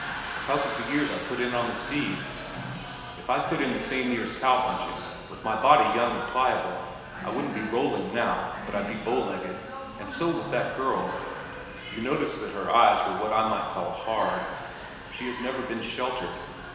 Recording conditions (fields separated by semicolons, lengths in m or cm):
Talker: one person; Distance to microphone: 1.7 m; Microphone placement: close; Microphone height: 1.0 m; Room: very reverberant, large; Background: television